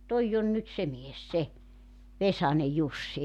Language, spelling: Finnish, tuo on nyt se mies se Vesanen Jussi
- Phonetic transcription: "toijj ‿on nyt 'se 'mies "se , 'Vesane "Jussi .

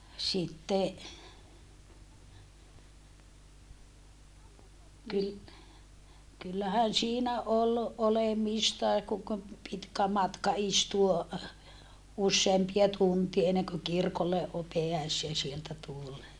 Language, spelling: Finnish, sitten - kyllähän siinä oli olemistakin kun - pitkä matka istua useampia tunteja ennen kuin kirkolle - pääsee sieltä tullen
- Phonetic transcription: sitte , ky- , kyllähän siinä ol , olemistae kuŋ k- , pitkä matka istuo , usseempia tuntie enneŋkö kirkolle o - peäsee sieltä tulle .

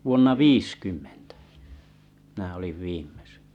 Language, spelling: Finnish, vuonna viisikymmentä minä olin viimeksi
- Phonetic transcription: vuonna "viiskymmᴇɴtᴀ̈ , mⁱnä̀ oliv 'vìm̆mᴇs .

